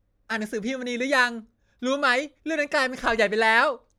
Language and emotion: Thai, happy